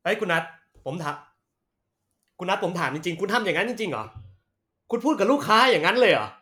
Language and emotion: Thai, angry